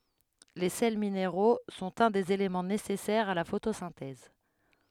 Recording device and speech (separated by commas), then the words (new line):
headset microphone, read sentence
Les sels minéraux sont un des éléments nécessaires à la photosynthèse.